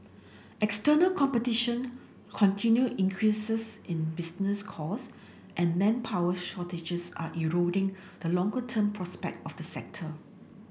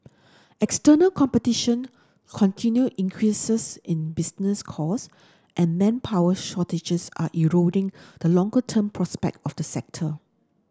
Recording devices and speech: boundary microphone (BM630), standing microphone (AKG C214), read sentence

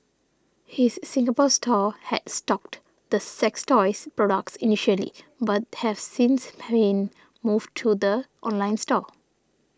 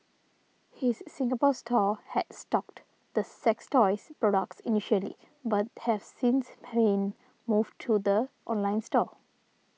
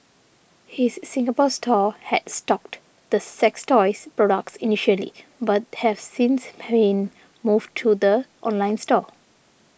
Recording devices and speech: standing microphone (AKG C214), mobile phone (iPhone 6), boundary microphone (BM630), read sentence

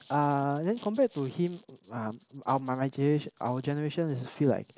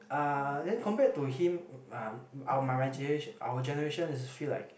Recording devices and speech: close-talking microphone, boundary microphone, conversation in the same room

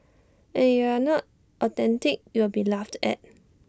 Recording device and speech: standing microphone (AKG C214), read sentence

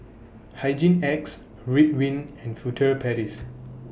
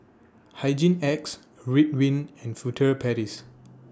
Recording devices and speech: boundary microphone (BM630), standing microphone (AKG C214), read sentence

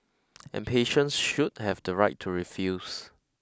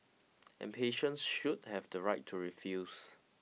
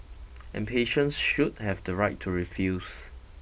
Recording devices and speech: close-talking microphone (WH20), mobile phone (iPhone 6), boundary microphone (BM630), read sentence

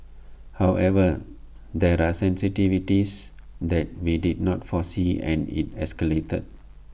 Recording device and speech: boundary microphone (BM630), read sentence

